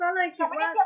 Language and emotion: Thai, frustrated